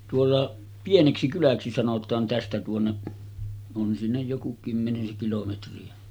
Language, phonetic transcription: Finnish, tuolla , 'Pieneksikyläksi sanot̆taan 'tästä tuonne’ , on sinnej joku 'kymmeniseŋ kilometri₍ä .
- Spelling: tuolla Pieneksikyläksi sanotaan tästä tuonne on sinne joku kymmenisen kilometriä

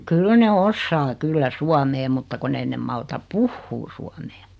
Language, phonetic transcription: Finnish, 'kyl ne 'ossaa 'kyllä "suamee mutta kun'n ‿ei nem 'malta "puhhuu suamee .
- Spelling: kyllä ne osaa kyllä suomea mutta kun ei ne malta puhua suomea

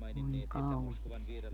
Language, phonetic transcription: Finnish, 'voi "kauhie (sentä) .
- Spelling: voi kauhea sentään

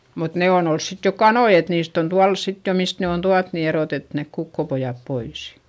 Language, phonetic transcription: Finnish, mut nè on ‿ols sit jo kanoi et niist ‿on tual sit jo mist ne on tuat ni eròtet nek kukkopojap pois .
- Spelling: mutta ne on ollut sitten jo kanoja että niistä on tuolla sitten jo mistä ne on tuotu niin erotettu ne kukkopojat pois

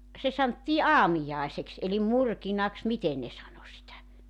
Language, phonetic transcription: Finnish, se 'santtii "aamijàeseks elim "murkinaks 'miten ne sano sitä .
- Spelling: se sanottiin aamiaiseksi eli murkinaksi miten ne sanoi sitä

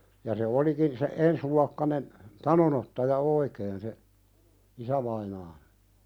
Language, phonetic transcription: Finnish, ja se 'olikin se , "ensluakkanen , "tanonottaja 'oikeen se , "isävainaan(i) .
- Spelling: ja se olikin se ensiluokkainen tanonottaja oikein se isävainaani

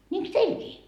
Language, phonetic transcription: Finnish, 'ńiiŋks 'teilkii ?
- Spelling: niinkö teilläkin

